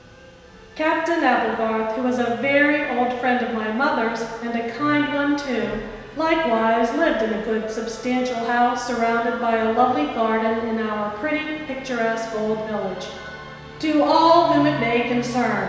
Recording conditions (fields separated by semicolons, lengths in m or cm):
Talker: one person; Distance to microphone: 1.7 m; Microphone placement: close; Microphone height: 1.0 m; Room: very reverberant, large; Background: music